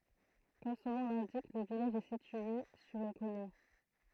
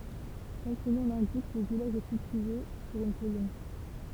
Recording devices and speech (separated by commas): throat microphone, temple vibration pickup, read sentence